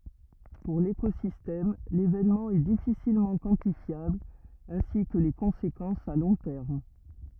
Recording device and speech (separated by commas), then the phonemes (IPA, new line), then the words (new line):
rigid in-ear microphone, read sentence
puʁ lekozistɛm levenmɑ̃ ɛ difisilmɑ̃ kwɑ̃tifjabl ɛ̃si kə le kɔ̃sekɑ̃sz a lɔ̃ tɛʁm
Pour l'écosystème, l'événement est difficilement quantifiable ainsi que les conséquences à long terme.